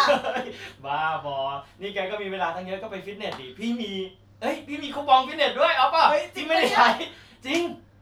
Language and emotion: Thai, happy